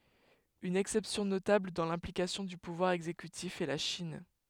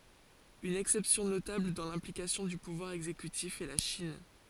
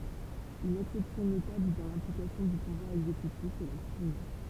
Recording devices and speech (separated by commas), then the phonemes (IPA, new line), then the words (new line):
headset microphone, forehead accelerometer, temple vibration pickup, read sentence
yn ɛksɛpsjɔ̃ notabl dɑ̃ lɛ̃plikasjɔ̃ dy puvwaʁ ɛɡzekytif ɛ la ʃin
Une exception notable dans l'implication du pouvoir exécutif est la Chine.